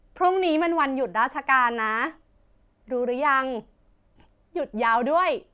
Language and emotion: Thai, happy